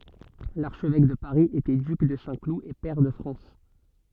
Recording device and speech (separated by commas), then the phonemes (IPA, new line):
soft in-ear microphone, read sentence
laʁʃvɛk də paʁi etɛ dyk də sɛ̃klu e pɛʁ də fʁɑ̃s